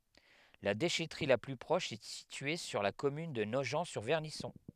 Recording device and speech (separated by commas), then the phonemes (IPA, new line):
headset microphone, read sentence
la deʃɛtʁi la ply pʁɔʃ ɛ sitye syʁ la kɔmyn də noʒɑ̃tsyʁvɛʁnisɔ̃